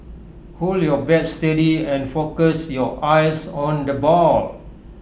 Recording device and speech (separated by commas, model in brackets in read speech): boundary microphone (BM630), read sentence